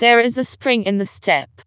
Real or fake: fake